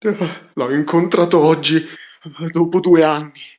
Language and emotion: Italian, fearful